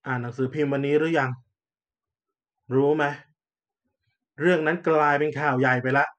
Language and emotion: Thai, frustrated